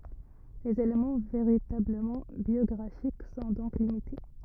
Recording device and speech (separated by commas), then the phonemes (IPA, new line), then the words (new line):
rigid in-ear microphone, read sentence
lez elemɑ̃ veʁitabləmɑ̃ bjɔɡʁafik sɔ̃ dɔ̃k limite
Les éléments véritablement biographiques sont donc limités.